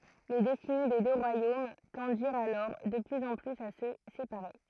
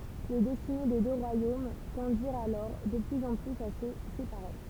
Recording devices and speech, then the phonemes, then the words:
throat microphone, temple vibration pickup, read sentence
le dɛstine de dø ʁwajom tɑ̃diʁt alɔʁ də plyz ɑ̃ plyz a sə sepaʁe
Les destinées des deux royaumes tendirent alors de plus en plus à se séparer.

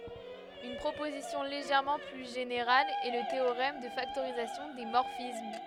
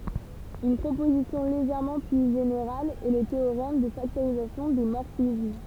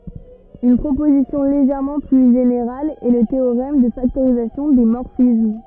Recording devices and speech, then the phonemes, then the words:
headset microphone, temple vibration pickup, rigid in-ear microphone, read sentence
yn pʁopozisjɔ̃ leʒɛʁmɑ̃ ply ʒeneʁal ɛ lə teoʁɛm də faktoʁizasjɔ̃ de mɔʁfism
Une proposition légèrement plus générale est le théorème de factorisation des morphismes.

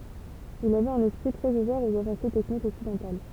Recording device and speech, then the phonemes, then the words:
temple vibration pickup, read sentence
il avɛt œ̃n ɛspʁi tʁɛz uvɛʁ oz avɑ̃se tɛknikz ɔksidɑ̃tal
Il avait un esprit très ouvert aux avancées techniques occidentales.

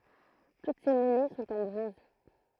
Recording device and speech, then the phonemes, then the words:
throat microphone, read sentence
tut se mɔnɛ sɔ̃t ɑ̃ bʁɔ̃z
Toutes ces monnaies sont en bronze.

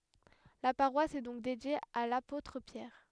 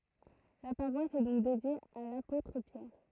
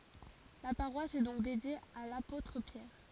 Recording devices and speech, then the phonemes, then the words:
headset microphone, throat microphone, forehead accelerometer, read sentence
la paʁwas ɛ dɔ̃k dedje a lapotʁ pjɛʁ
La paroisse est donc dédiée à l'apôtre Pierre.

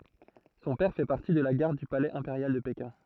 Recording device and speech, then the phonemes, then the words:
throat microphone, read sentence
sɔ̃ pɛʁ fɛ paʁti də la ɡaʁd dy palɛz ɛ̃peʁjal də pekɛ̃
Son père fait partie de la garde du palais impérial de Pékin.

